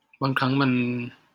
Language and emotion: Thai, frustrated